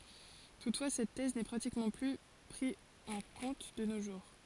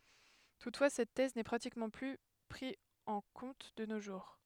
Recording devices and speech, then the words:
forehead accelerometer, headset microphone, read sentence
Toutefois cette thèse n'est pratiquement plus pris en compte de nos jours.

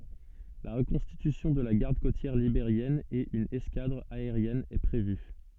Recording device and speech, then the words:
soft in-ear microphone, read sentence
La reconstitution de la Garde côtière libérienne et une escadre aérienne est prévue.

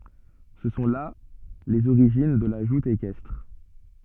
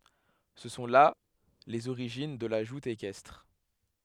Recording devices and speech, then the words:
soft in-ear microphone, headset microphone, read sentence
Ce sont là les origines de la joute équestre.

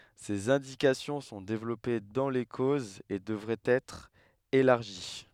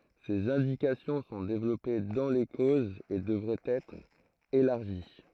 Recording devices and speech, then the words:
headset microphone, throat microphone, read sentence
Ses indications sont développées dans les causes et devraient être élargies.

